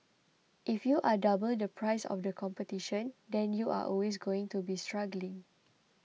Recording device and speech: mobile phone (iPhone 6), read sentence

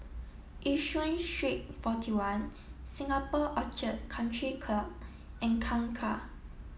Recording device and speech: mobile phone (iPhone 7), read sentence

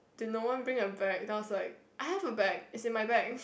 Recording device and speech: boundary microphone, conversation in the same room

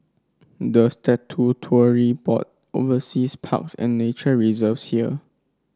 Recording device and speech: standing microphone (AKG C214), read sentence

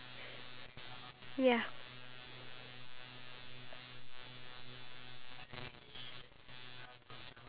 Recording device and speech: telephone, conversation in separate rooms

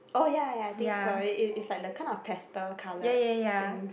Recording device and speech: boundary microphone, conversation in the same room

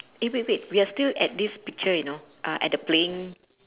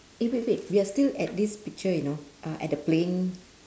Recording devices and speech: telephone, standing microphone, conversation in separate rooms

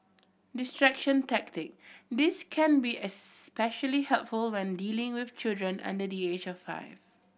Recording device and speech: boundary microphone (BM630), read sentence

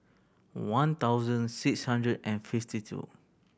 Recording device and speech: boundary microphone (BM630), read sentence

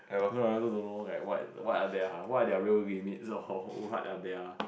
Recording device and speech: boundary microphone, conversation in the same room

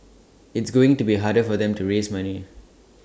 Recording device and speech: standing microphone (AKG C214), read sentence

